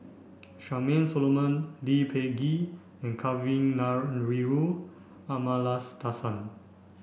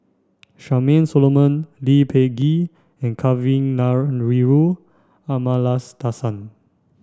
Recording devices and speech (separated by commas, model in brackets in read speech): boundary microphone (BM630), standing microphone (AKG C214), read sentence